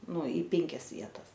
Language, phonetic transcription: Lithuanian, ˈnu į ˈpenkias ˈvietas

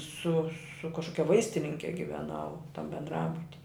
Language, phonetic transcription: Lithuanian, su su kažˈkokia ˈvaistininke giveˈnau ˈtam bendˈrabuti

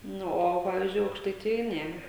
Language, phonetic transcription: Lithuanian, ˈnu o ˈpavizdžiui aukštaiˈtijoj ˈne

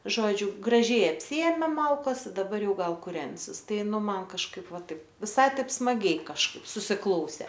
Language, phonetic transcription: Lithuanian, ˈžodžiu graˈžiai apˈsiėmė ˈmalkas i daˈbar ˈjau ˈgal kuˈrensis ˈtai ˈnu ˈman kažˈkaip ˈva ˈtaip viˈsai ˈtaip smaˈgiai kažˈkaip susiˈklausė

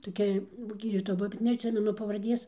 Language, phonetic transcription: Lithuanian, toˈkia ˈgydytoja ˈbuvo bet neatˈsimenu pavarˈdės

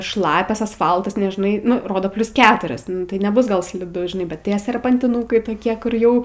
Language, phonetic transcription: Lithuanian, ˈšlapias asˈfaltas neˈžnai ˈnu ˈrodo ˈplius ˈketuris ˈnu tai neˈbus gal sliˈdu žiˈnai bet ˈtie serpantiˈnūkai toˈkie kur ˈjau

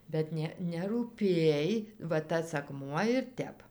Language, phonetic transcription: Lithuanian, bet ˈne nerūˈpėj va ˈtas akˈmuo ir ˈtep

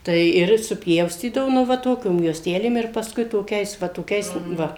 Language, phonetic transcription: Lithuanian, tai ˈir supˈjaustydavo nu ˈva ˈtokiom juosˈtelėm ir pasˈkui toˈkiais va toˈkiais ˈva

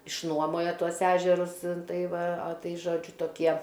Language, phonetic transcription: Lithuanian, išˈnuomojo ˈtuos ˈežerus ˈtai ˈva a ˈtai ˈžodžiu toˈkie

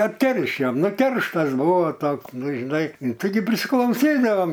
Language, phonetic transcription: Lithuanian, atˈkeršijom ˈnu ˈkerštas ˈbuvo ˈtoks ˈnu žiˈnai taiˈgi prisiklauˈsydavom

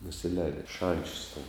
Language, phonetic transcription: Lithuanian, nusiˈlēdi i ˈšančius ten

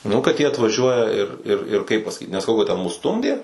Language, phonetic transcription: Lithuanian, ˈnu kad ˈjie atvaˈžiuoja ir ir ir kaip pasaˈkyt nesaˈkau kad ten mus ˈstumdė

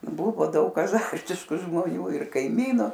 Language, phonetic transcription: Lithuanian, ˈbuvo ˈdaug aˈzartišku žmoˈnių ir kaiˈmynu

